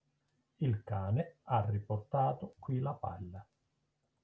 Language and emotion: Italian, neutral